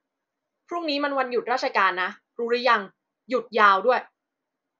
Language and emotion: Thai, frustrated